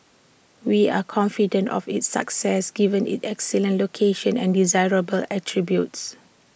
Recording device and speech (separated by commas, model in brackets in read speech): boundary microphone (BM630), read sentence